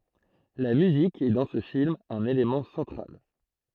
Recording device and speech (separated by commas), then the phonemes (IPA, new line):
throat microphone, read sentence
la myzik ɛ dɑ̃ sə film œ̃n elemɑ̃ sɑ̃tʁal